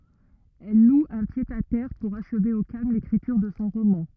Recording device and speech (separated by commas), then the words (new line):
rigid in-ear microphone, read sentence
Elle loue un pied-à-terre pour achever au calme l’écriture de son roman.